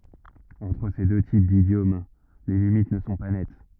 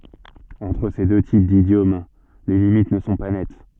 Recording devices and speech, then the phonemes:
rigid in-ear microphone, soft in-ear microphone, read sentence
ɑ̃tʁ se dø tip didjom le limit nə sɔ̃ pa nɛt

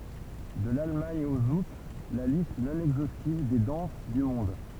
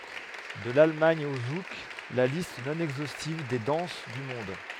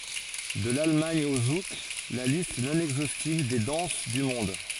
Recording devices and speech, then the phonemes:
temple vibration pickup, headset microphone, forehead accelerometer, read sentence
də lalmɑ̃d o zuk la list nɔ̃ ɛɡzostiv de dɑ̃s dy mɔ̃d

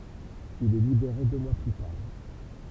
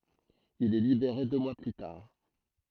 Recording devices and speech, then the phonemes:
temple vibration pickup, throat microphone, read sentence
il ɛ libeʁe dø mwa ply taʁ

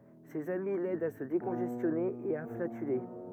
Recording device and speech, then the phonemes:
rigid in-ear microphone, read sentence
sez ami lɛdt a sə dekɔ̃ʒɛstjɔne e a flatyle

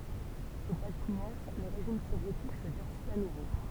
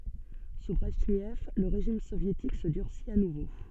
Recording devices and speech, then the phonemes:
temple vibration pickup, soft in-ear microphone, read sentence
su bʁɛʒnɛv lə ʁeʒim sovjetik sə dyʁsit a nuvo

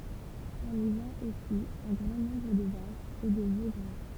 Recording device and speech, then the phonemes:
temple vibration pickup, read sentence
ɔ̃n i vɑ̃t osi œ̃ ɡʁɑ̃ nɔ̃bʁ də vaʃz e də vo ɡʁa

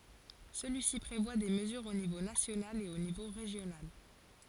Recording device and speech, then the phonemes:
forehead accelerometer, read sentence
səlyisi pʁevwa de məzyʁz o nivo nasjonal e o nivo ʁeʒjonal

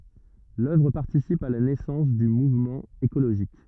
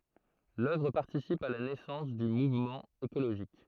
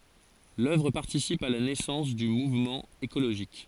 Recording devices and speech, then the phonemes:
rigid in-ear microphone, throat microphone, forehead accelerometer, read sentence
lœvʁ paʁtisip a la nɛsɑ̃s dy muvmɑ̃ ekoloʒist

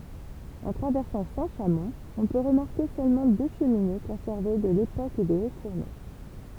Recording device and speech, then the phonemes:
temple vibration pickup, read sentence
ɑ̃ tʁavɛʁsɑ̃ sɛ̃tʃamɔ̃ ɔ̃ pø ʁəmaʁke sølmɑ̃ dø ʃəmine kɔ̃sɛʁve də lepok de otsfuʁno

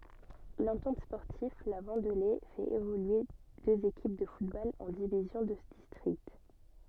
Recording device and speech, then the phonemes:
soft in-ear microphone, read sentence
lɑ̃tɑ̃t spɔʁtiv la vɑ̃dle fɛt evolye døz ekip də futbol ɑ̃ divizjɔ̃ də distʁikt

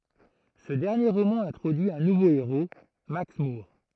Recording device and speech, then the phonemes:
throat microphone, read sentence
sə dɛʁnje ʁomɑ̃ ɛ̃tʁodyi œ̃ nuvo eʁo maks muʁ

